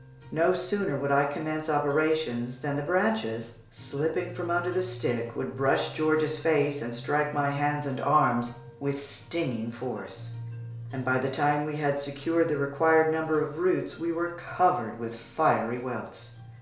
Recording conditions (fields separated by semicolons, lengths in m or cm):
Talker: one person; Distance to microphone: 1.0 m; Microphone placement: close; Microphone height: 1.1 m; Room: small (3.7 m by 2.7 m); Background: music